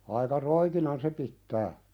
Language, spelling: Finnish, aika roikinan se pitää
- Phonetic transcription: aika "roikinan se 'pittää .

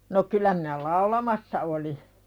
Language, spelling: Finnish, no kyllä minä laulamassa olin
- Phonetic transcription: no kyla minä "laulamassa oli .

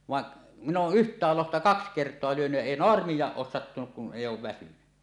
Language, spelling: Finnish, vaan minä olen yhtäkin lohta kaksi kertaa lyönyt ja ei naarmuakaan ole sattunut kun ei ole väsynyt
- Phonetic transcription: vaˀ , min̆n ‿ooˀ "ˀyht̀ääl 'lohta "kaks 'kert̀oa lyönyj jä èi "noarmij̆jaaˀ 'ˀoos sattunuk kun "èij̆j ‿oov väsyny .

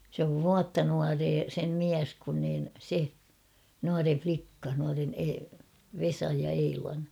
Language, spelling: Finnish, se on vuotta nuorempi sen mies kun niin se nuorempi likka nuorempi - Vesan ja Eilan
- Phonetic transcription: sᵉ ‿ov "vuatta 'nuaree sem "miäs kun niin , 'se , 'nuare "flikka , nuaren E- "Vesaj ja "Eilan .

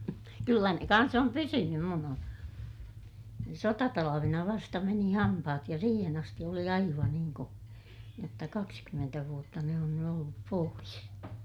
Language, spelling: Finnish, kyllä ne kanssa on pysynyt minun on sotatalvena vasta meni hampaat ja siihen asti oli aivan niin - jotta kaksikymmentä vuotta ne on nyt ollut pois
- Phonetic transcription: kyllä ne kans ‿om pysynym - mun ‿on , sotatalavena vasta meni hampahat ja siihen ‿asti oli aivan niiŋ ko- , jotta kakskymmentä vuotta ne on ny ollup pois .

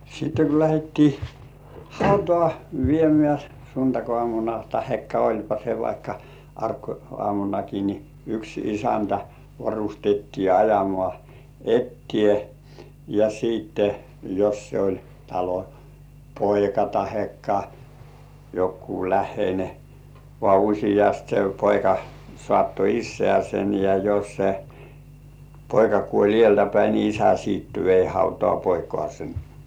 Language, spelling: Finnish, sitten kun lähdettiin hautaan viemään sunnuntaiaamuna tai olipa se vaikka arkiaamunakin niin yksi isäntä varustettiin ajamaan eteen ja sitten jos se oli talon poika tai joku läheinen vaan useasti se poika saattoi isäänsä ja jos se poika kuoli edeltä päin niin isä sitten vei hautaan poikaansa
- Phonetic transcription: sitte ko 'lähettii , "hautŏà 'viemĕä̀ , suntak₍ŏàmuna tahekka oĺpa se vaikka , 'ark₍oàmunaki ni , yks "isäntä , varustettii 'ajamŏà "ettiè , ja siitte , jos se oĺ talo , "poika tahekka , 'jokkuu- "lähheine , vŏà "uśijast se 'poika , 'sŏ§àtto "issĕä̀§sen ja jos se , "poika kuoĺ 'ĭèltä päi ni "isä siit vei hautŏà 'poikŏàsen .

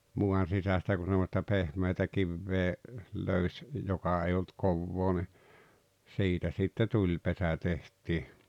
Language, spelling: Finnish, maan sisästä kun semmoista pehmeätä kiveä löysi joka ei ollut kovaa niin siitä sitten tulipesä tehtiin
- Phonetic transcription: 'muan̬ 'sisästä ku semmosta "pehmeetä 'kivvee , 'löyś , 'joka ei olt 'kovvoo ni , 'siitä sitte "tuĺpesä teht̀ii .

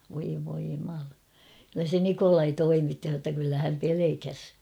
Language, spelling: Finnish, voi voi jumala kyllä se Nikolai toimitti sanoi jotta kyllä hän pelkäsi
- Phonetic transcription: voi voi jumala , kyllä se "Nikolai 'toimitti h̬a ‿tta kyllä häm 'pelekäs .

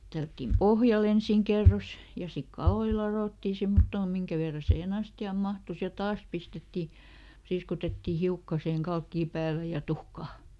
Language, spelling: Finnish, tällättiin pohjalle ensin kerros ja sitten kaloja ladottiin semmottoon minkä verran siihen astiaan mahtui ja taas pistettiin priiskutettiin hiukka siihen kalkkia päälle ja tuhkaa
- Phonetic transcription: ˈtällättim "pohjaˈl ‿ensìŋ ˈkerros , ja ˈsik "kaloi ˈlaròttì ˈsemmottoo "miŋkä verra siiheˈn ‿asti₍àm ˈmahtus ja "taas ˈpistetti , ˈpriiskutettì "hiukka siheŋ ˈkalkkii ˈpäälä ja "tuhkaa .

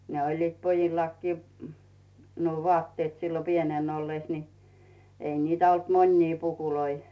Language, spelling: Finnish, ne olivat pojillakin nuo vaatteet silloin pienenä ollessa niin ei niitä ollut monia pukuja
- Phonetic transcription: 'ne oĺliit 'pojillakkii , nuo 'vᵒàtteet sillo 'pienen ollès ni , 'ei niitä olt "mońnii 'pukuloi .

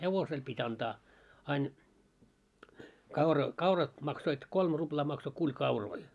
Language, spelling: Finnish, hevosella piti antaa aina kaura kaurat maksoi kolme ruplaa maksoi kuli kauroja
- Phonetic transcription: 'hevosel pit́ ‿antaa , 'ain , kaura , 'kaurat 'maksoit 'kolm 'ruplaa makso 'kuĺ "kauroi .

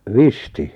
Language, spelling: Finnish, Visti
- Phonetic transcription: Visti ?

